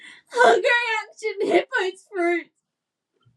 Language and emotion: English, sad